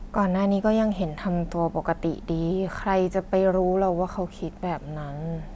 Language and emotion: Thai, sad